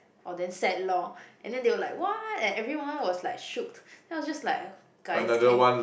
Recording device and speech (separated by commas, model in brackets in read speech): boundary microphone, conversation in the same room